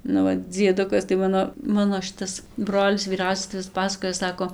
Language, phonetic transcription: Lithuanian, nu ˈva dzieˈdukas tai ˈmano ˈmano ˈšitas ˈbrolis vyˈrausias tai ˈvis ˈpasakojo ˈsako

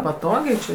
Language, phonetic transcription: Lithuanian, paˈtogiai či

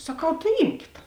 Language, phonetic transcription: Lithuanian, saˈkau tai ˈymkit

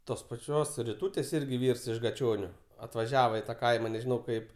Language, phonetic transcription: Lithuanian, ˈtos paˈčios riˈtūtės ˈirgi ˈvyrs iš gaˈčioniu atvaˈžiava i ta ˈkaima nežiˈnau ˈkaip

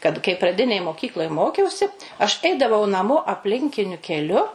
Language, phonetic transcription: Lithuanian, kad kai praˈdinėj moˈkykloj ˈmokiausi aš ˈeidavau naˈmo apˈlinkiniu keˈliu

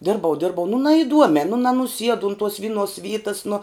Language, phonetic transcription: Lithuanian, ˈdirbau ˈdirbau nu naiˈduomē nu nanuˈsiedu un tuos ˈvinˌuos ˈvytas nu

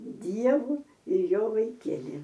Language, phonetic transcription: Lithuanian, ˈdievu ir ˈjo vaiˈkieli

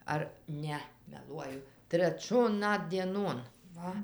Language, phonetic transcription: Lithuanian, ˈar ˈne meˈluoju treˈčion ˈnat dieˈnon ˈva

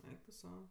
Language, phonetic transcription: Lithuanian, ˈeik tu ˈsau

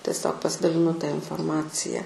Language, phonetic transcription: Lithuanian, tesˈiog pasidaliˈnu ta inforˈmacija

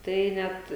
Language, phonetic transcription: Lithuanian, ˈtai ˈnet

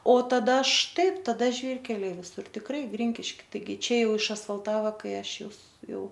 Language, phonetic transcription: Lithuanian, o taˈda ˈštaip taˈda ˈžvyrkeliai viˈsur tikˈrai ˈgrynkiški taiˈgi ˈčia ˈjau išasfalˈtava ˈkai ˈaš ˈjus ˈjau

